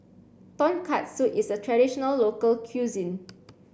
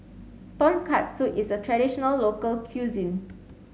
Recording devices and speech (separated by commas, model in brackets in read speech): boundary microphone (BM630), mobile phone (Samsung C7), read sentence